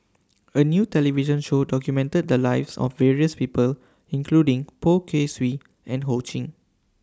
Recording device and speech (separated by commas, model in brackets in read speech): standing microphone (AKG C214), read sentence